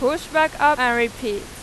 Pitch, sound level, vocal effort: 255 Hz, 98 dB SPL, very loud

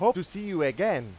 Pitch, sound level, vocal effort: 180 Hz, 100 dB SPL, very loud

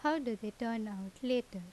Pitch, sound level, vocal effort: 230 Hz, 82 dB SPL, normal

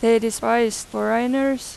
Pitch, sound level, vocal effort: 230 Hz, 90 dB SPL, loud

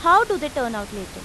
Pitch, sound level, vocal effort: 280 Hz, 94 dB SPL, very loud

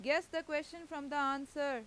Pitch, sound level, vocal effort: 295 Hz, 94 dB SPL, very loud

